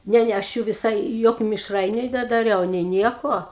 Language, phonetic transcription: Lithuanian, ˈne ˈne aš ˈjų viˈsai ˈjokiu mišˈrainiu nedaˈriau nei ˈnieko

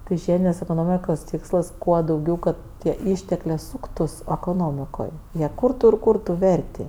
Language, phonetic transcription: Lithuanian, tai ˈžiedinės ekoˈnomikos ˈtikslas ˈkuo dauˈgiau ˈkad tie ˈįšteklėˈsūktus ekoˈnomikoj jie ˈkurtu ir ˈkurtu ˈverti

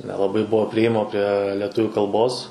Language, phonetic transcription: Lithuanian, nelaˈbai ˈbuvo priėˈjimo prie lieˈtuvių kalˈbos

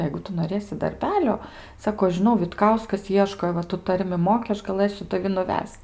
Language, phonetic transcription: Lithuanian, ˈjeigu ˈtu noˈrėsi darˈbelio ˈsako aš žiˈnau vitˈkauskas ˈieško i ˈva tu ˈtarmi ˈmoki ˈaš gaˈlɘsiu taˈvi nuˈvesc

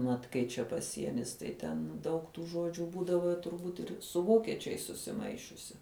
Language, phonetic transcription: Lithuanian, ˈmat ˈkai čia paˈsienis tai ˈten daug tų ˈžuodžiu ˈbūdavo turˈbūt ir su ˈvokečiais susiˈmaišiusi

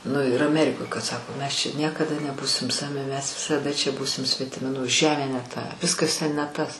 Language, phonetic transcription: Lithuanian, nu ir aˈmerikoj kad ˈsako ˈmes čia ˈniekada neˈbūsim ˈsavi mes visaˈda čia ˈbūsim svetiˈmi nu ˈžemė ne ˈta ˈviskas ten ne ˈtas

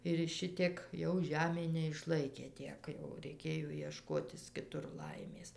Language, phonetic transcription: Lithuanian, ir ˈšitiek jau ˈžemė neišˈlaikė ˈtiek jau reiˈkėjo ieˈškotis kiˈtur ˈlaimės

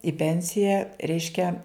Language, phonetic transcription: Lithuanian, i ˈpensija ˈreiškia

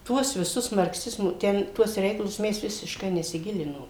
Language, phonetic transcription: Lithuanian, ˈtuos viˈsus markˈsizmo ˈten ˈtuos ˈreikalus ˈmes visišˈkai nesiˈgilinom

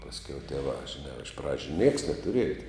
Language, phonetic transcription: Lithuanian, pasˈkiau tieˈvā žiˈnā iš ˈpradžiu nieks netuˈrieja

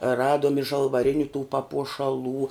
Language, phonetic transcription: Lithuanian, ˈraduom i žalvaˈriniu tų papuošaˈlų

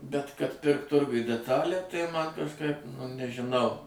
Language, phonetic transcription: Lithuanian, bet kad ˈpirkt ˈturguj deˈtalę tai ˈman kažˈkaip nu nežiˈnau

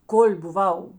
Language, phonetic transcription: Lithuanian, kol' buˈvau

